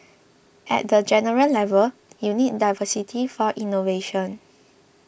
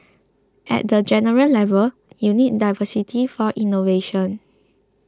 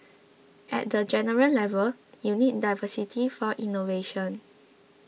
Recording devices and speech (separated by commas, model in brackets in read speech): boundary microphone (BM630), close-talking microphone (WH20), mobile phone (iPhone 6), read sentence